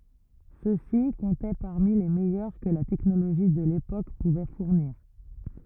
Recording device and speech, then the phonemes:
rigid in-ear microphone, read sentence
sø si kɔ̃tɛ paʁmi le mɛjœʁ kə la tɛknoloʒi də lepok puvɛ fuʁniʁ

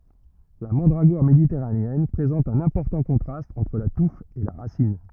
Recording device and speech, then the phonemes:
rigid in-ear microphone, read sentence
la mɑ̃dʁaɡɔʁ meditɛʁaneɛn pʁezɑ̃t œ̃n ɛ̃pɔʁtɑ̃ kɔ̃tʁast ɑ̃tʁ la tuf e la ʁasin

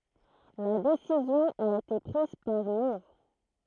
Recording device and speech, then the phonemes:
throat microphone, read sentence
la desizjɔ̃ a ete pʁiz paʁ muʁ

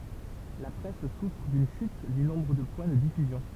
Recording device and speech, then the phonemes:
temple vibration pickup, read sentence
la pʁɛs sufʁ dyn ʃyt dy nɔ̃bʁ də pwɛ̃ də difyzjɔ̃

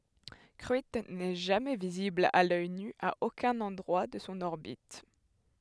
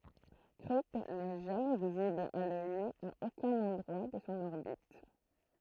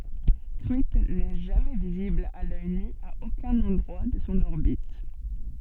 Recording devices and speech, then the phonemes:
headset microphone, throat microphone, soft in-ear microphone, read sentence
kʁyitn nɛ ʒamɛ vizibl a lœj ny a okœ̃n ɑ̃dʁwa də sɔ̃ ɔʁbit

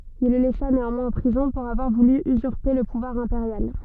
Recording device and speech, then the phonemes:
soft in-ear microphone, read sentence
il lə lɛsa neɑ̃mwɛ̃z ɑ̃ pʁizɔ̃ puʁ avwaʁ vuly yzyʁpe lə puvwaʁ ɛ̃peʁjal

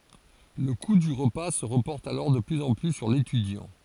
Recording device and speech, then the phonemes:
forehead accelerometer, read sentence
lə ku dy ʁəpa sə ʁəpɔʁt alɔʁ də plyz ɑ̃ ply syʁ letydjɑ̃

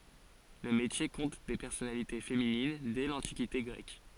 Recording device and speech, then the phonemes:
forehead accelerometer, read sentence
lə metje kɔ̃t de pɛʁsɔnalite feminin dɛ lɑ̃tikite ɡʁɛk

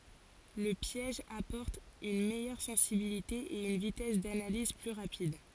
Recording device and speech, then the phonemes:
forehead accelerometer, read sentence
lə pjɛʒ apɔʁt yn mɛjœʁ sɑ̃sibilite e yn vitɛs danaliz ply ʁapid

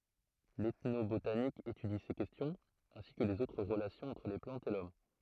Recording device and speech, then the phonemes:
throat microphone, read sentence
l ɛtnobotanik etydi se kɛstjɔ̃z ɛ̃si kə lez otʁ ʁəlasjɔ̃z ɑ̃tʁ le plɑ̃tz e lɔm

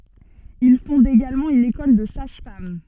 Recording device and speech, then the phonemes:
soft in-ear microphone, read sentence
il fɔ̃d eɡalmɑ̃ yn ekɔl də saʒ fam

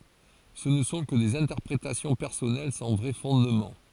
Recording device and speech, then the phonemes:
forehead accelerometer, read sentence
sə nə sɔ̃ kə dez ɛ̃tɛʁpʁetasjɔ̃ pɛʁsɔnɛl sɑ̃ vʁɛ fɔ̃dmɑ̃

